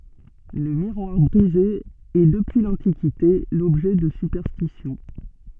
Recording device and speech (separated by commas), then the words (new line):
soft in-ear microphone, read sentence
Le miroir brisé est depuis l'Antiquité l'objet de superstitions.